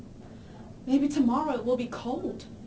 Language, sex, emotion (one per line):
English
female
neutral